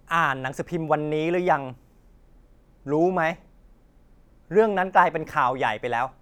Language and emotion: Thai, frustrated